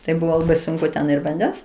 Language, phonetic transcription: Lithuanian, tai ˈbuvo laˈbai ˈsunku ten ir vanˈdens

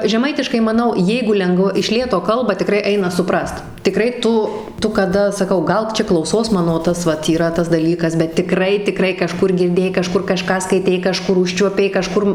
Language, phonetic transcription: Lithuanian, žeˈmaitiškai maˈnau ˈjeigu ˈlengva iš ˈlėto ˈkalba tiˈkrai ˈaina suˈprast tiˈkrai ˈtu ˈtu kaˈda saˈkau ˈgal ˈčia klauˈsos ˈmano ˈtas vat yˈra tas daˈlykas bet tiˈkrai tiˈkrai kaˈžkur girˈdėjai kaˈžkur kaˈžką skaiˈtei kaˈžkur ˈužčiuopei kaˈžkur

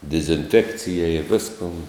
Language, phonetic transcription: Lithuanian, dizinˈfekcijai i ˈviskon

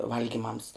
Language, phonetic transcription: Lithuanian, ˈvalgymams

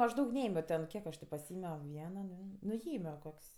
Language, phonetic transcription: Lithuanian, ˈaš ˈdaug ˈneėmio ten ˈkiek aš ti paˈsiėmio ˈvieno ˈdvė nu ˈjėmio ˈkok's'

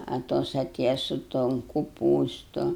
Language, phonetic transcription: Lithuanian, a ˈtos aˈtėja su ton kuˈpūstu

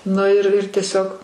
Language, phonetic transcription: Lithuanian, ˈnu ir ir tieˈsiog

